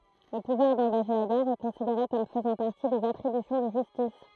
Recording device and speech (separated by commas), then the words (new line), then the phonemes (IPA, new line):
throat microphone, read sentence
Le pouvoir d'engager la guerre est considéré comme faisant partie des attributions de justice.
lə puvwaʁ dɑ̃ɡaʒe la ɡɛʁ ɛ kɔ̃sideʁe kɔm fəzɑ̃ paʁti dez atʁibysjɔ̃ də ʒystis